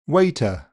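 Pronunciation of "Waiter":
'Waiter' has a schwa in it, and it is a big one.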